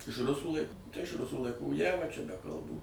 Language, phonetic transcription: Lithuanian, iš ˈrusų ˈlaik tai iš ˈrusų laiˈkų ˈjava čia be kalˈbų

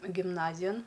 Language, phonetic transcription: Lithuanian, gimˈnazijan

